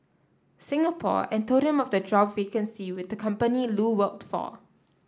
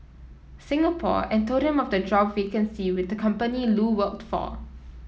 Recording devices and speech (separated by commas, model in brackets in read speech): standing microphone (AKG C214), mobile phone (iPhone 7), read sentence